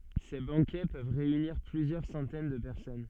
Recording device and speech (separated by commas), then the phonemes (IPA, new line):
soft in-ear microphone, read sentence
se bɑ̃kɛ pøv ʁeyniʁ plyzjœʁ sɑ̃tɛn də pɛʁsɔn